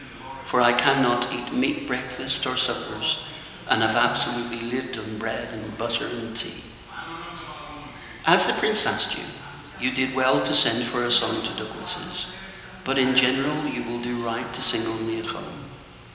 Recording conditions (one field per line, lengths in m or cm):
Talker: one person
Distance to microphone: 1.7 m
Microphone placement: close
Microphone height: 1.0 m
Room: very reverberant, large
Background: television